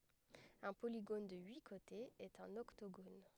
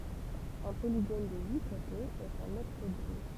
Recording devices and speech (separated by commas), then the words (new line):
headset microphone, temple vibration pickup, read sentence
Un polygone de huit côtés est un octogone.